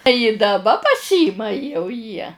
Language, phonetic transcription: Lithuanian, ji daˈba paˈsyma jau jie

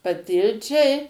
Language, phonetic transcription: Lithuanian, paˈtilčiai

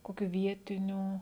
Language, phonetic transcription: Lithuanian, ˈkokiu ˈvietinių

